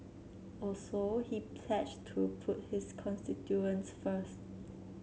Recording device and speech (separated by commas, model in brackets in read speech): mobile phone (Samsung C7), read sentence